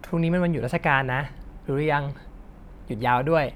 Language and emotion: Thai, neutral